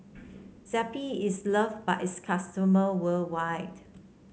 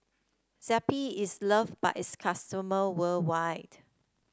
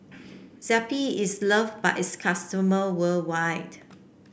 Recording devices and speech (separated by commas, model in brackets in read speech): mobile phone (Samsung C7), standing microphone (AKG C214), boundary microphone (BM630), read sentence